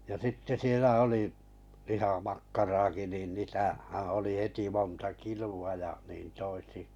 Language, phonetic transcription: Finnish, ja 'sitte 'sielä oli , liha'makkaraki , nìn 'nì- -tähää̀ oli 'heti 'monta "kilu a ja , 'niin toisi .
- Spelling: ja sitten siellä oli lihamakkaraakin niin - niitähän oli heti monta kiloa ja niin toisin

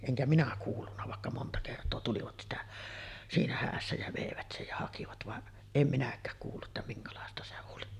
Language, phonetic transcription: Finnish, eŋkä minä 'kuullunna vàekka monta kert̆too tulivat 'sitä , 'siinä "häässä jä 'vèivät sej ja hakivat vaˀ , em 'minäk̆kääk kuullu’ ’että 'miŋkalàesta se 'oli .
- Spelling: enkä minä kuullut vaikka monta kertaa tulivat sitä siinä hädässä ja veivät sen ja hakivat vaan en minäkään kuullut että minkälaista se oli

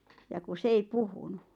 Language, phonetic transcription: Finnish, ja ku 's ‿ei "puhunu .
- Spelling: ja kun se ei puhunut

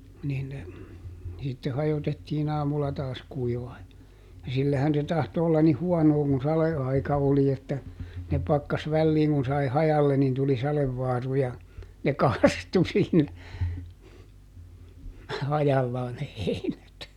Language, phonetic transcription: Finnish, niin ne , sitte "hajotettiiˈn ‿aamulla ˈtaas kuivaa (ja) , ja ˈsillähän se ˈtahto ollan nih "huɔnoo kun "sale₍aika oli että , ne pakkas ˈvälliiŋ kun ˈsai "hajalle nin tuli ˈsalevvaaru ja , ne "kastu siin , ˈhajallaa ne ˈheinät .
- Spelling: niin ne sitten hajotettiin aamulla taas kuivamaan ja ja sillähän se tahtoi olla niin huonoa kun sadeaika oli että ne pakkasi väliin kun sai hajalle niin tuli sadevaaru ja ne kastui siinä hajallaan ne heinät

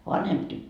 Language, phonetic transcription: Finnish, 'vanhemp tyt- ,.
- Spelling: vanhempi -

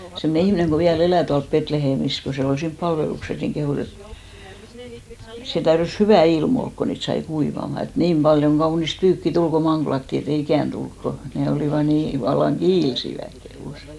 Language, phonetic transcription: Finnish, semne 'ihmⁱneŋ ko 'viä"l ‿elä̀ tualp 'Petleheemis ko se ol 'siimp 'palvelukses , niŋ 'kehùs ‿et , 'se 'täyrys "hyvä̀ il'm ‿olk ko 'niit sai 'kuivama , et "niim paljoŋ 'ɢaunist 'pyykki 'tul ko 'maŋɢlatti e't ‿ei "ikä̀nt 'tulk ko , 'ne olìva 'nii , vallaŋ "ɢiilsiväk kehùs .
- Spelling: semmoinen ihminen kun vielä elää tuolla Betlehemissä kun se oli siinä palveluksessa niin kehui että se täytyi hyvä ilma olla kun niitä sai kuivamaan että niin paljon kaunista pyykkiä tuli kun manglattiin että ei ikänä tule kun ne olivat niin vallan kiilsivät kehui

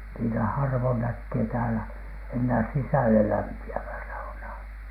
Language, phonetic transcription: Finnish, niitä 'harvon näkkee täälä , ennää "sisälelämpi₍ävä̳ saunaa .
- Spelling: niitä harvoin näkee täällä enää sisällelämpiävää saunaa

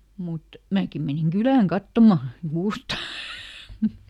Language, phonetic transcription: Finnish, ˈmut , "määkim ˈmeniŋ "Gylääŋ "kattomà , ˈkuusta .
- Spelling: mutta minäkin menin kylään katsomaan kuusta

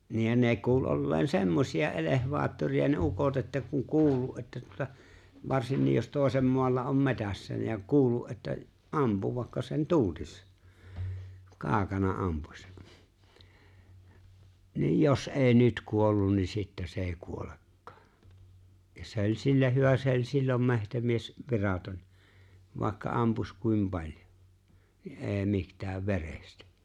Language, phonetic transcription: Finnish, nii jä 'nee 'kuul '’olleen "semmosi₍a '’elehvaattori₍a ne 'ukot että kuŋ 'kuul̆lu’ ’että tuᵒta , 'varsinnij jos 'tòesem 'moalla om 'me̬tässä ja 'kuul̆lu , ’että , '’ampu vàekka sen 'tu(n)tis , 'kaaᵒkana 'ampuś , niij‿ » 'jos '’eeⁱ "nyt 'kuollun nin̬ 'sittɛ se ‿ei̬ 'kuolekkᴀᴀ « , ja se ‿o͕ĺ́ 'sillä 'hyvä se ‿o͕ĺ́ 'sillom 'me̬htämies , 'viraton̬ , vàekka 'ampuś 'kuim paĺ́jᴏ , ni’ '’e̬e̬ⁱ 'mi(htääv) "verestᴀ̈ .
- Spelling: niin ja ne kuuli olleen semmoisia elevaattoreita ne ukot että kun kuullut että tuota varsinkin jos toisen maalla on metsässä ja kuullut että ampui vaikka sen tuntisi kaukana ampui niin jos ei nyt kuollut niin sitten se ei kuolekaan ja se oli sillä hyvä se oli silloin metsämies viraton vaikka ampuisi kuinka paljon niin ei mitään verestä

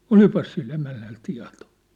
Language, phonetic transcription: Finnish, olipas sil'l ‿emännäl 'tia̭tᴏ !
- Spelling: olipas sillä emännällä tietoa

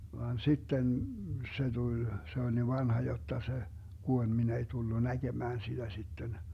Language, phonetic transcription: Finnish, vaan 'sitten , 'se tul , se ol niv 'vanha jotta se , 'Guoĺ 'min ‿ei 'tullu "näGemään 'siDä 'sitten .
- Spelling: vaan sitten se tuli se oli niin vanha jotta se kuoli minä ei tullut näkemään sitä sitten

